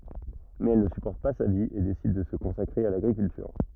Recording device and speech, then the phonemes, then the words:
rigid in-ear microphone, read sentence
mɛz ɛl nə sypɔʁt pa sa vi e desid də sə kɔ̃sakʁe a laɡʁikyltyʁ
Mais elle ne supporte pas sa vie et décide de se consacrer à l'agriculture.

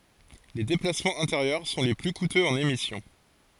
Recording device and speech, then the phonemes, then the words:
forehead accelerometer, read sentence
le deplasmɑ̃z ɛ̃teʁjœʁ sɔ̃ le ply kutøz ɑ̃n emisjɔ̃
Les déplacements intérieurs sont les plus coûteux en émission.

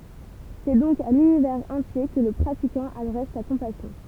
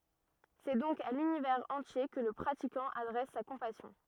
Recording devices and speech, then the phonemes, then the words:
temple vibration pickup, rigid in-ear microphone, read sentence
sɛ dɔ̃k a lynivɛʁz ɑ̃tje kə lə pʁatikɑ̃ adʁɛs sa kɔ̃pasjɔ̃
C'est donc à l'univers entier que le pratiquant adresse sa compassion.

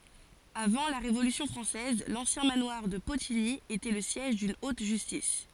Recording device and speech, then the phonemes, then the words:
forehead accelerometer, read sentence
avɑ̃ la ʁevolysjɔ̃ fʁɑ̃sɛz lɑ̃sjɛ̃ manwaʁ də potiɲi etɛ lə sjɛʒ dyn ot ʒystis
Avant la Révolution française, l'ancien manoir de Potigny était le siège d'une haute justice.

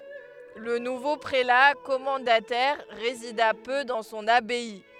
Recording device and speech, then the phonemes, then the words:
headset microphone, read sentence
lə nuvo pʁela kɔmɑ̃datɛʁ ʁezida pø dɑ̃ sɔ̃n abaj
Le nouveau prélat commendataire résida peu dans son abbaye.

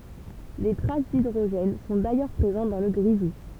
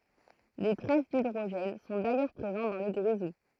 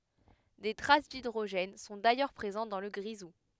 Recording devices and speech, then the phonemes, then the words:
temple vibration pickup, throat microphone, headset microphone, read sentence
de tʁas didʁoʒɛn sɔ̃ dajœʁ pʁezɑ̃t dɑ̃ lə ɡʁizu
Des traces d'hydrogène sont d'ailleurs présentes dans le grisou.

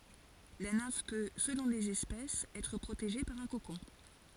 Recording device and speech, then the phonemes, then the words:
forehead accelerometer, read sentence
la nɛ̃f pø səlɔ̃ lez ɛspɛsz ɛtʁ pʁoteʒe paʁ œ̃ kokɔ̃
La nymphe peut, selon les espèces, être protégée par un cocon.

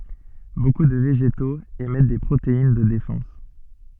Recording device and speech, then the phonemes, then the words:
soft in-ear microphone, read sentence
boku də veʒetoz emɛt de pʁotein də defɑ̃s
Beaucoup de végétaux émettent des protéines de défense.

